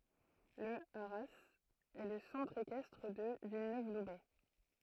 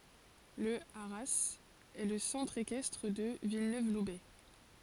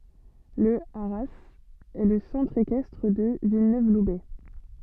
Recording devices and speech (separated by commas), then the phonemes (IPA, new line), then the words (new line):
throat microphone, forehead accelerometer, soft in-ear microphone, read sentence
lə aʁaz ɛ lə sɑ̃tʁ ekɛstʁ də vilnøvlubɛ
Le haras est le centre équestre de Villeneuve-Loubet.